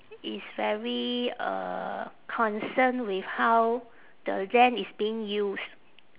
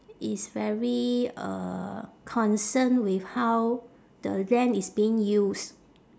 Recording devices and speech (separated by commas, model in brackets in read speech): telephone, standing microphone, conversation in separate rooms